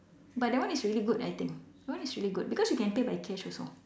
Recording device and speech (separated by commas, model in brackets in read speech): standing microphone, conversation in separate rooms